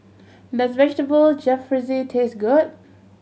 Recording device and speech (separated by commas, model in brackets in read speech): mobile phone (Samsung C7100), read sentence